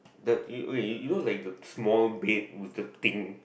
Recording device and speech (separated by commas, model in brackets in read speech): boundary microphone, conversation in the same room